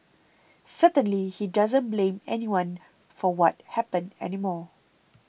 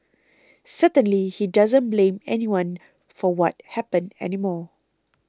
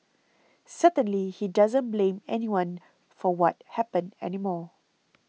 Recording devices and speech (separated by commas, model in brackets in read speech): boundary microphone (BM630), close-talking microphone (WH20), mobile phone (iPhone 6), read sentence